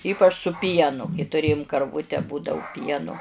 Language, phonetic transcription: Lithuanian, ˈypač su ˈpienu kai tuˈrėjum karˈvute ˈbūdavu ˈpienu

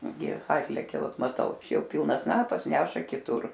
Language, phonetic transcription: Lithuanian, gi ˈatlekia ˈvat maˈtau ˈčia ˈjau ˈpilnas ˈsnapas ˈneša kiˈtur

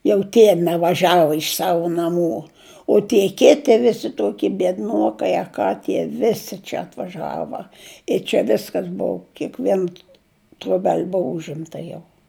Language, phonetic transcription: Lithuanian, jau ˈtie nevaˈžiavu iš ˈsavu naˈmų o tie ˈketi ˈvisi ˈtuoki biedˈnuokai a ˈką tie ˈvisi čia atvaˈžava i čia ˈviskas ˈbuu kiekˈvien troˈbel' ˈbuvu ˈužimta jau

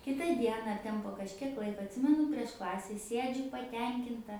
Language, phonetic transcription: Lithuanian, ˈkita ˈdiena ar ˈten po kažˈkiek ˈlaika atˈsimenu prieš ˈklase ˈsiedžiu paˈtenkinta

